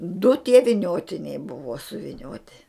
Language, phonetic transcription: Lithuanian, du tie viˈniotiniai ˈbuvo suviˈnioti

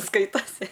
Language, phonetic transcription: Lithuanian, ˈskaitasi

